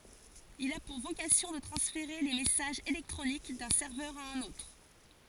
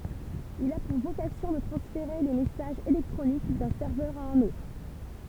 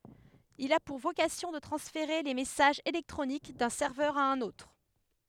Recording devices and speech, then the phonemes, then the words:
forehead accelerometer, temple vibration pickup, headset microphone, read sentence
il a puʁ vokasjɔ̃ də tʁɑ̃sfeʁe le mɛsaʒz elɛktʁonik dœ̃ sɛʁvœʁ a œ̃n otʁ
Il a pour vocation de transférer les messages électroniques d'un serveur à un autre.

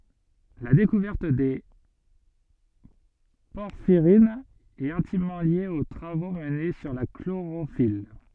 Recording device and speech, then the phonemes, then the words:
soft in-ear microphone, read sentence
la dekuvɛʁt de pɔʁfiʁinz ɛt ɛ̃timmɑ̃ lje o tʁavo məne syʁ la kloʁofil
La découverte des porphyrines est intimement liée aux travaux menés sur la chlorophylle.

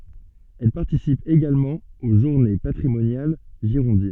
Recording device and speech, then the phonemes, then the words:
soft in-ear microphone, read sentence
ɛl paʁtisip eɡalmɑ̃ o ʒuʁne patʁimonjal ʒiʁɔ̃din
Elle participe également aux journées patrimoniales girondines.

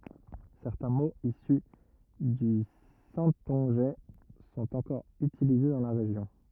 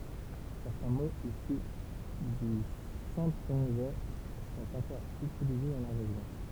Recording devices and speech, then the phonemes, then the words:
rigid in-ear microphone, temple vibration pickup, read sentence
sɛʁtɛ̃ moz isy dy sɛ̃tɔ̃ʒɛ sɔ̃t ɑ̃kɔʁ ytilize dɑ̃ la ʁeʒjɔ̃
Certains mots issus du saintongeais sont encore utilisés dans la région.

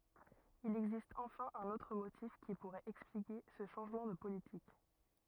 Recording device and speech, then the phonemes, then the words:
rigid in-ear microphone, read sentence
il ɛɡzist ɑ̃fɛ̃ œ̃n otʁ motif ki puʁɛt ɛksplike sə ʃɑ̃ʒmɑ̃ də politik
Il existe enfin un autre motif qui pourrait expliquer ce changement de politique.

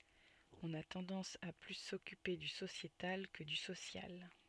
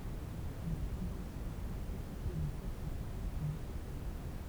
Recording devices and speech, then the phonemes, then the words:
soft in-ear microphone, temple vibration pickup, read sentence
ɔ̃n a tɑ̃dɑ̃s a ply sɔkype dy sosjetal kə dy sosjal
On a tendance à plus s’occuper du sociétal que du social.

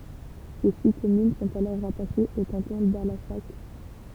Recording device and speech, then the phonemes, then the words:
temple vibration pickup, read sentence
se si kɔmyn sɔ̃t alɔʁ ʁataʃez o kɑ̃tɔ̃ dalasak
Ses six communes sont alors rattachées au canton d'Allassac.

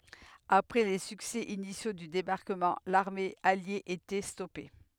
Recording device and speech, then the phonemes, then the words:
headset microphone, read sentence
apʁɛ le syksɛ inisjo dy debaʁkəmɑ̃ laʁme alje etɛ stɔpe
Après les succès initiaux du débarquement, l'armée alliée était stoppée.

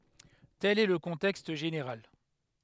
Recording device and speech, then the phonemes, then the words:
headset microphone, read sentence
tɛl ɛ lə kɔ̃tɛkst ʒeneʁal
Tel est le contexte général.

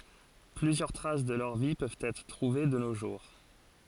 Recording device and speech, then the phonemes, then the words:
forehead accelerometer, read sentence
plyzjœʁ tʁas də lœʁ vi pøvt ɛtʁ tʁuve də no ʒuʁ
Plusieurs traces de leur vie peuvent être trouvées de nos jours.

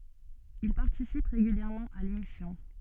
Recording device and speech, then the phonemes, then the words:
soft in-ear microphone, read sentence
il paʁtisip ʁeɡyljɛʁmɑ̃ a lemisjɔ̃
Il participe régulièrement à l’émission.

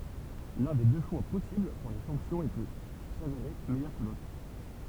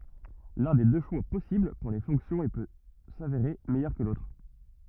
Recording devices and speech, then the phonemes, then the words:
temple vibration pickup, rigid in-ear microphone, read sentence
lœ̃ de dø ʃwa pɔsibl puʁ le fɔ̃ksjɔ̃z e pø saveʁe mɛjœʁ kə lotʁ
L'un des deux choix possibles pour les fonctions et peut s'avérer meilleur que l'autre.

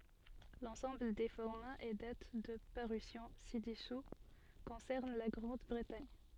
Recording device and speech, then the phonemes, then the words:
soft in-ear microphone, read sentence
lɑ̃sɑ̃bl de fɔʁmaz e dat də paʁysjɔ̃ sidɛsu kɔ̃sɛʁn la ɡʁɑ̃dbʁətaɲ
L'ensemble des formats et dates de parution ci-dessous concernent la Grande-Bretagne.

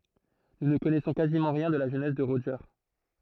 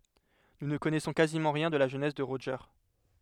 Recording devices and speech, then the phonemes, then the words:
throat microphone, headset microphone, read sentence
nu nə kɔnɛsɔ̃ kazimɑ̃ ʁjɛ̃ də la ʒønɛs də ʁoʒe
Nous ne connaissons quasiment rien de la jeunesse de Roger.

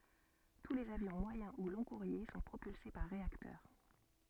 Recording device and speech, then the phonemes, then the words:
soft in-ear microphone, read sentence
tu lez avjɔ̃ mwajɛ̃ u lɔ̃ɡkuʁje sɔ̃ pʁopylse paʁ ʁeaktœʁ
Tous les avions moyen ou long-courriers sont propulsés par réacteurs.

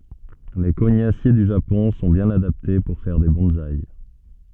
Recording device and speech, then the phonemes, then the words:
soft in-ear microphone, read sentence
le koɲasje dy ʒapɔ̃ sɔ̃ bjɛ̃n adapte puʁ fɛʁ de bɔ̃saj
Les cognassiers du Japon sont bien adaptés pour faire des bonsaï.

